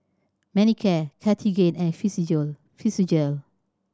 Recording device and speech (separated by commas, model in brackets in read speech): standing microphone (AKG C214), read sentence